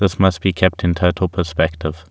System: none